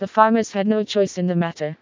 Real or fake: fake